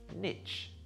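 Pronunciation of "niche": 'Niche' is said with the American English pronunciation, not the British one.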